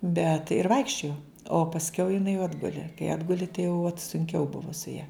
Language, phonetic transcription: Lithuanian, bet ir ˈvaikščiojo o pasˈkiau jiˈnai jau ˈatguli kai ˈatguli tai jau vat sunˈkiau ˈbuvu su ja

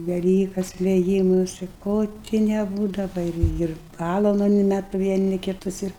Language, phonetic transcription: Lithuanian, veˈlykas veˈjymusi ˈko ti neˈbūdava ir ˈir ˈpalalauni net vieˈni kiˈtus ir

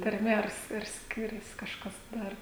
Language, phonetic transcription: Lithuanian, tarˈme ar ar ˈskirias ˈkažkas ˈdar

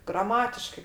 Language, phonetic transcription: Lithuanian, graˈmatiškai

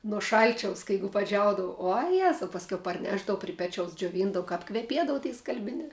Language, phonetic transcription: Lithuanian, nuo ˈšalčiaus ka ˈjeigu paˈdžiaudava uo ˈjezau pasˈkiau parˈnešdavu pri ˈpečiaus džioˈvyndavo kap kveˈpiedavu tie skalbiˈniā

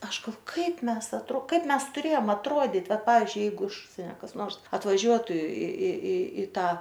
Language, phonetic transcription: Lithuanian, ˈaš galˈvo ˈkaip ˈmes atˈro ˈkaip ˈmes tuˈrėjom atˈruodyt' ˈvat ˈpavizdžiui ˈjeigu iš ˈužsienia kas ˈnors atvaˈžiuotu i i i i ˈtą

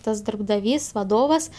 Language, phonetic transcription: Lithuanian, ˈtas darbdaˈvys vaˈdovas

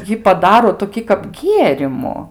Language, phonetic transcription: Lithuanian, ˈjį paˈdaro toˈkį kap ˈgierimu

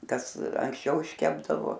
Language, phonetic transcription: Lithuanian, ˈkas anksˈčiau išˈkepdavo

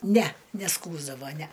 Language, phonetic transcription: Lithuanian, næ neˈskųsdavo næ

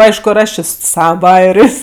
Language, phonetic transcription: Lithuanian, ˈaišku ir ˈaš ˈčė su ˈsava ˈbajerės'

